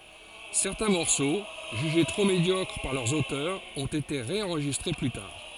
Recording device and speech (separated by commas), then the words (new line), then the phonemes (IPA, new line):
forehead accelerometer, read sentence
Certains morceaux jugés trop médiocres par leurs auteurs ont été ré-enregistrés plus tard.
sɛʁtɛ̃ mɔʁso ʒyʒe tʁo medjɔkʁ paʁ lœʁz otœʁz ɔ̃t ete ʁeɑ̃ʁʒistʁe ply taʁ